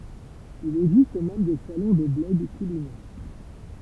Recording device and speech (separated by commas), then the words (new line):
temple vibration pickup, read sentence
Il existe même des salons de blogs culinaires.